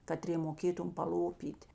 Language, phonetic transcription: Lithuanian, kaˈtrė moˈkėtum paˈlopyt'

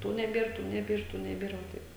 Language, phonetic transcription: Lithuanian, ˈtų neˈbėr ˈtų neˈbėr ˈtų neˈbėr va ˈtaip

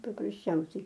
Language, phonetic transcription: Lithuanian, paprasˈčiausiai

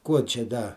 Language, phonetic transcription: Lithuanian, ˈkuo čia ˈda

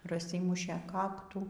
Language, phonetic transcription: Lithuanian, praˈsymušė ˈkaktų

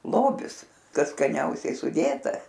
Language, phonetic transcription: Lithuanian, ˈlobis ˈkas skaˈniausiai suˈdėta

